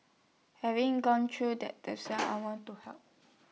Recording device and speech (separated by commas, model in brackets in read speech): mobile phone (iPhone 6), read sentence